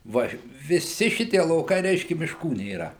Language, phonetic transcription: Lithuanian, ˈva viˈsi ˈšitie lauˈkai ˈreiškia mišˈkų nėˈra

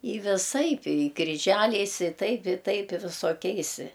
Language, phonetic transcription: Lithuanian, i viˈsaip i kriˈžæliais i ˈtaip i ˈtaip i visoˈkiais

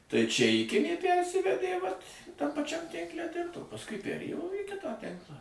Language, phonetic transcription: Lithuanian, tai čia iˈkinė ˈpærsivedė vat tam paˈčiam ˈtinkle ten o pasˈkui perˈėjo į ˈkitą ˈtinklą

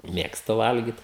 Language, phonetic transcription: Lithuanian, ˈmėgstu ˈvalgit

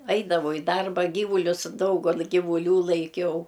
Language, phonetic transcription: Lithuanian, ˈaidavau i ˈdarba ˈgyvulius ˈdaugal givuˈlių laiˈkiau

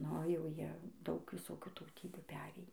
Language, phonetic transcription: Lithuanian, ˈnu jau ˈjie ˈdaug viˈsokių tauˈtybių ˈperėjį

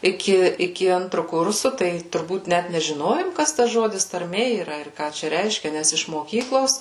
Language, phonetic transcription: Lithuanian, iˈki iˈki ˈantru ˈkursu tai turˈbūt ˈnæt nežiˈnojom ˈkas tas ˈžodis tarˈmė yˈra ir ˈką čia ˈreiškia ˈnæs iš moˈkyklos

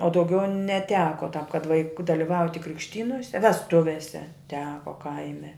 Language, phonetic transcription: Lithuanian, o dauˈgiau neˈteko tāp kad vaiˈku daliˈvauti krikšˈtynose vesˈtuvėse ˈteko ˈkaime

